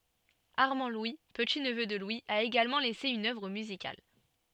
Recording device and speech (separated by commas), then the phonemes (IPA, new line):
soft in-ear microphone, read sentence
aʁmɑ̃dlwi pətitnvø də lwi a eɡalmɑ̃ lɛse yn œvʁ myzikal